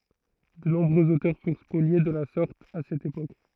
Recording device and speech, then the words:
throat microphone, read sentence
De nombreux auteurs furent spoliés de la sorte à cette époque.

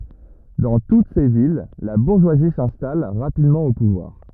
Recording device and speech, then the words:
rigid in-ear microphone, read sentence
Dans toutes ces villes, la bourgeoisie s'installe rapidement au pouvoir.

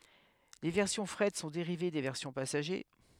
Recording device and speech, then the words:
headset microphone, read sentence
Les versions fret sont dérivées des versions passagers.

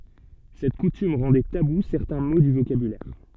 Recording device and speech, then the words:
soft in-ear microphone, read sentence
Cette coutume rendait tabous certains mots du vocabulaire.

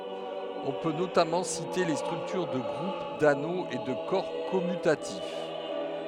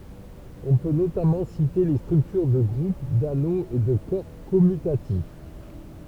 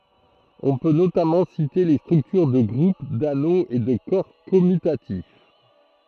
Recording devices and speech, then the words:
headset microphone, temple vibration pickup, throat microphone, read sentence
On peut notamment citer les structures de groupe, d’anneau et de corps commutatif.

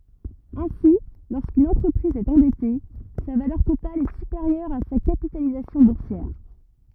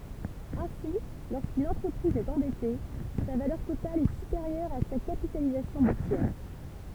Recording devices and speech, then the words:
rigid in-ear microphone, temple vibration pickup, read sentence
Ainsi, lorsqu'une entreprise est endettée, sa valeur totale est supérieure à sa capitalisation boursière.

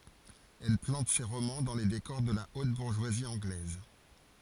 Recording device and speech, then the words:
forehead accelerometer, read sentence
Elle plante ses romans dans les décors de la haute bourgeoisie anglaise.

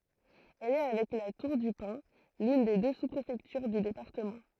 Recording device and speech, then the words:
throat microphone, read sentence
Elle est avec La Tour-du-Pin, l'une des deux sous-préfectures du département.

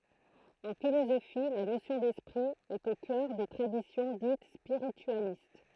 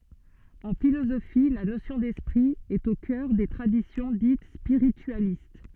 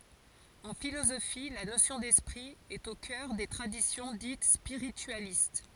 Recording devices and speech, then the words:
throat microphone, soft in-ear microphone, forehead accelerometer, read sentence
En philosophie, la notion d'esprit est au cœur des traditions dites spiritualistes.

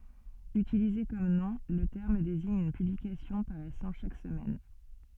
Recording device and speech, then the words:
soft in-ear microphone, read sentence
Utilisé comme nom, le terme désigne une publication paraissant chaque semaine.

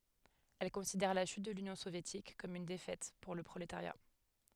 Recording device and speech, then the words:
headset microphone, read sentence
Elle considère la chute de l'Union soviétique comme une défaite pour le prolétariat.

